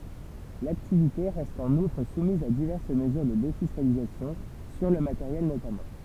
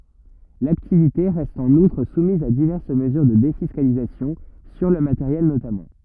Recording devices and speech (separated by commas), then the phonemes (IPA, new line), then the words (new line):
temple vibration pickup, rigid in-ear microphone, read sentence
laktivite ʁɛst ɑ̃n utʁ sumiz a divɛʁs məzyʁ də defiskalizasjɔ̃ syʁ lə mateʁjɛl notamɑ̃
L’activité reste en outre soumise à diverses mesures de défiscalisation, sur le matériel notamment.